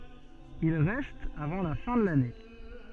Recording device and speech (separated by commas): soft in-ear microphone, read sentence